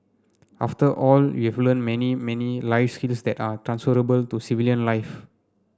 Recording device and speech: standing microphone (AKG C214), read sentence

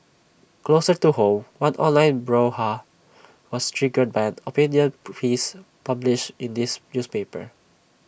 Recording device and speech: boundary microphone (BM630), read sentence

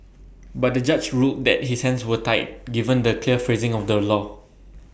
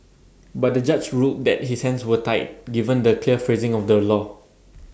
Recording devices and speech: boundary microphone (BM630), standing microphone (AKG C214), read sentence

